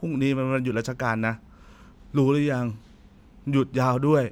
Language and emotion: Thai, frustrated